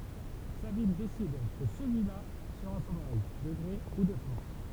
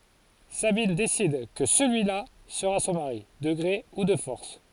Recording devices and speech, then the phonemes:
temple vibration pickup, forehead accelerometer, read sentence
sabin desid kə səlyila səʁa sɔ̃ maʁi də ɡʁe u də fɔʁs

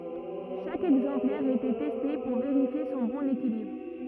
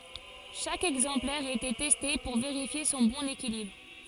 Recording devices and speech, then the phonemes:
rigid in-ear microphone, forehead accelerometer, read sentence
ʃak ɛɡzɑ̃plɛʁ etɛ tɛste puʁ veʁifje sɔ̃ bɔ̃n ekilibʁ

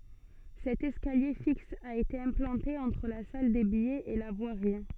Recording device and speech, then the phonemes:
soft in-ear microphone, read sentence
sɛt ɛskalje fiks a ete ɛ̃plɑ̃te ɑ̃tʁ la sal de bijɛz e la vwaʁi

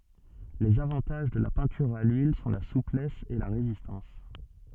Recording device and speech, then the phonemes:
soft in-ear microphone, read sentence
lez avɑ̃taʒ də la pɛ̃tyʁ a lyil sɔ̃ la suplɛs e la ʁezistɑ̃s

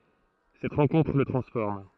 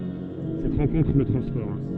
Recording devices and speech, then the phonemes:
throat microphone, soft in-ear microphone, read sentence
sɛt ʁɑ̃kɔ̃tʁ lə tʁɑ̃sfɔʁm

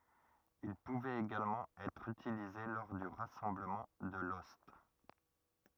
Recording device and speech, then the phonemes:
rigid in-ear microphone, read sentence
il puvɛt eɡalmɑ̃ ɛtʁ ytilize lɔʁ dy ʁasɑ̃bləmɑ̃ də lɔst

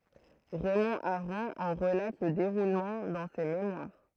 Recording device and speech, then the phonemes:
throat microphone, read sentence
ʁɛmɔ̃ aʁɔ̃ ɑ̃ ʁəlat lə deʁulmɑ̃ dɑ̃ se memwaʁ

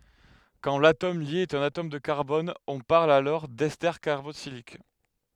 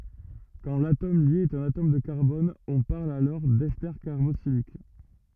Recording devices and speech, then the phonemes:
headset microphone, rigid in-ear microphone, read sentence
kɑ̃ latom lje ɛt œ̃n atom də kaʁbɔn ɔ̃ paʁl dɛste kaʁboksilik

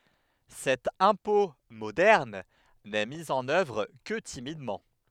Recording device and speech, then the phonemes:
headset microphone, read sentence
sɛt ɛ̃pɔ̃ modɛʁn nɛ mi ɑ̃n œvʁ kə timidmɑ̃

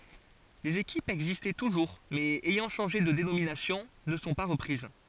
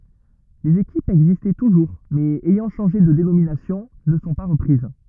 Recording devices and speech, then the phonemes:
forehead accelerometer, rigid in-ear microphone, read sentence
lez ekipz ɛɡzistɑ̃ tuʒuʁ mɛz ɛjɑ̃ ʃɑ̃ʒe də denominasjɔ̃ nə sɔ̃ pa ʁəpʁiz

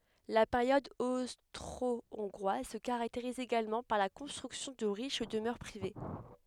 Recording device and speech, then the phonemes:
headset microphone, read sentence
la peʁjɔd ostʁoɔ̃ɡʁwaz sə kaʁakteʁiz eɡalmɑ̃ paʁ la kɔ̃stʁyksjɔ̃ də ʁiʃ dəmœʁ pʁive

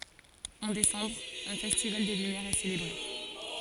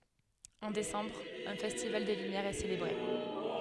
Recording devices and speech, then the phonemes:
forehead accelerometer, headset microphone, read sentence
ɑ̃ desɑ̃bʁ œ̃ fɛstival de lymjɛʁz ɛ selebʁe

